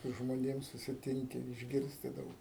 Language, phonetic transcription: Lithuanian, su žmoˈnėm susiˈtinki išˈgirsti ˈdaug

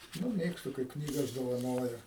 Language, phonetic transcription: Lithuanian, nu ˈmėgstu kaip ˈknygas dovaˈnoja

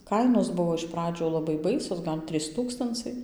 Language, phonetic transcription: Lithuanian, ˈkainos ˈbuvo iš ˈpradžiu ˌlabai ˈbaisios ˈgal' ˈtrys ˈtūkstancai

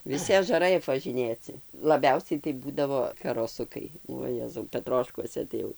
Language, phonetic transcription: Lithuanian, viˈsi ažaˈrai apvaˈžinėci laˈbiausiai tai ˈbūdavo karoˈsukai uo jezau peˈtroškuose ˈtai jau

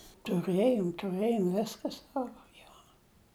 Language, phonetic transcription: Lithuanian, tuˈrɘjom tuˈrɘjom ˈviska ˈsavo ˈjo

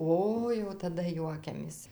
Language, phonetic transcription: Lithuanian, ˈoi jau taˈda ˈjuokiamės

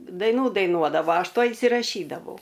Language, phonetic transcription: Lithuanian, daiˈnų daiˈnuodavo ˈaš ˈtuoj insiraˈšydavau

